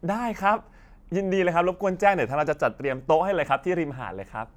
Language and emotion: Thai, happy